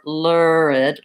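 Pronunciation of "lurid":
In 'lurid', the first syllable has more of the vowel in 'good' and 'book' than a really clear ooh, and then goes into an er sound.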